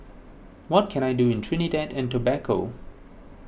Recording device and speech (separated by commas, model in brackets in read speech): boundary microphone (BM630), read sentence